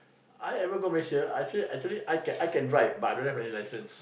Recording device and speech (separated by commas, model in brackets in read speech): boundary microphone, conversation in the same room